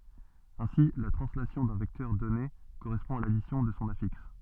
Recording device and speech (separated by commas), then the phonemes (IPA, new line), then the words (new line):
soft in-ear microphone, read sentence
ɛ̃si la tʁɑ̃slasjɔ̃ dœ̃ vɛktœʁ dɔne koʁɛspɔ̃ a ladisjɔ̃ də sɔ̃ afiks
Ainsi, la translation d'un vecteur donné correspond à l'addition de son affixe.